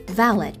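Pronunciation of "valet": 'Valet' is pronounced incorrectly here.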